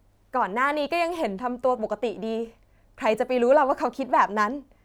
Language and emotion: Thai, happy